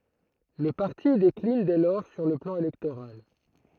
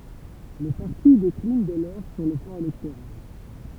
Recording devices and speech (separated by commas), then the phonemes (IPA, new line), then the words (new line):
throat microphone, temple vibration pickup, read sentence
lə paʁti deklin dɛ lɔʁ syʁ lə plɑ̃ elɛktoʁal
Le parti décline dès lors sur le plan électoral.